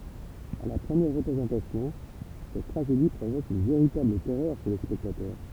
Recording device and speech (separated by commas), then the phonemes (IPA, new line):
temple vibration pickup, read sentence
a la pʁəmjɛʁ ʁəpʁezɑ̃tasjɔ̃ sɛt tʁaʒedi pʁovok yn veʁitabl tɛʁœʁ ʃe le spɛktatœʁ